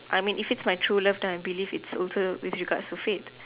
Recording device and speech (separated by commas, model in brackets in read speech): telephone, conversation in separate rooms